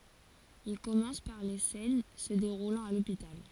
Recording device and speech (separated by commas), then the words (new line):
forehead accelerometer, read sentence
Il commence par les scènes se déroulant à l’hôpital.